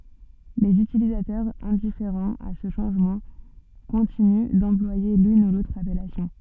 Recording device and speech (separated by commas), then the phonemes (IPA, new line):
soft in-ear microphone, read sentence
lez ytilizatœʁz ɛ̃difeʁɑ̃z a sə ʃɑ̃ʒmɑ̃ kɔ̃tiny dɑ̃plwaje lyn u lotʁ apɛlasjɔ̃